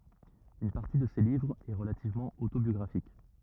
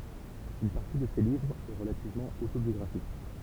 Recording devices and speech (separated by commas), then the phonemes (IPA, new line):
rigid in-ear microphone, temple vibration pickup, read sentence
yn paʁti də se livʁz ɛ ʁəlativmɑ̃ otobjɔɡʁafik